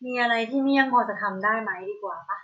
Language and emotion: Thai, neutral